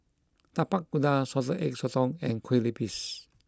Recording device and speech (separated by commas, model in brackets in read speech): close-talking microphone (WH20), read sentence